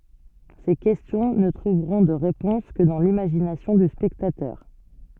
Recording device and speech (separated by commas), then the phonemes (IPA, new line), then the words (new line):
soft in-ear microphone, read sentence
se kɛstjɔ̃ nə tʁuvʁɔ̃ də ʁepɔ̃s kə dɑ̃ limaʒinasjɔ̃ dy spɛktatœʁ
Ces questions ne trouveront de réponse que dans l'imagination du spectateur.